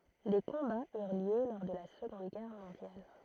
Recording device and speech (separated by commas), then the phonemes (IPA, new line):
throat microphone, read sentence
de kɔ̃baz yʁ ljø lɔʁ də la səɡɔ̃d ɡɛʁ mɔ̃djal